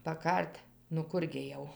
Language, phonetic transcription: Lithuanian, paˈkar't' nu ˈkur gi jau

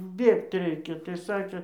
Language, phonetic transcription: Lithuanian, ˈbėgt ˈreikia tai ˈsakė

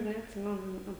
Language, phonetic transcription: Lithuanian, neatˈsimenu ˈnea

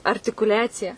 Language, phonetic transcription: Lithuanian, artikuˈliacija

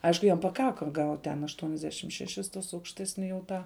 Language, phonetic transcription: Lithuanian, ˈaišku ˈjam paˈkaka gaut' ten aštuoniasˈdešim šeˈšis tuos aukšˈtesni jau ˈtą

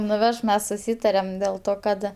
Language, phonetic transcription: Lithuanian, nuˈveš ˈmes suˈsytarem del ˈto kad

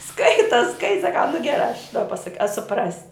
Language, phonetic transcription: Lithuanian, ˈskaita ˈskai saˈkau nu geˈrā aš da paˈsak a suˈprasi

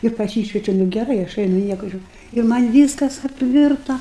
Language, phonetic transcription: Lithuanian, ir paˈsyšvečiu nu geˈrai aš ˈainu ˈnieku ˈžiūr' i ˈman' ˈvyskas apˈvirta

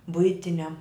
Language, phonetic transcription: Lithuanian, ˈbuitiniam

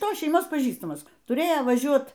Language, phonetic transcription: Lithuanian, ˈtos šeiˈmos paˈžįstamas tuˈrėjo vaˈžiuot

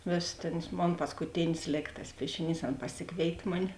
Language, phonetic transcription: Lithuanian, ˈvėsi ˈtenas ˈmon paskuˈtinis ˈlėk tas ˈpiešiˌnys ˈan paˈsikvėitė ˈmuni

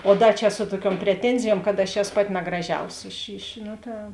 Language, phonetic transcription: Lithuanian, o ˈda čia ˈsu tuoˌkiuom preˈtenzijuom kad aš ˈeso ˈpaˌti nagraˈžiausi iš iš ˈno ˈta

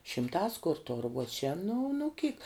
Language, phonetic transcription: Lithuanian, šimˈtās kur tor uo čia nu nu kyk

